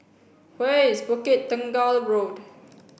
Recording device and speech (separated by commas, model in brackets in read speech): boundary microphone (BM630), read sentence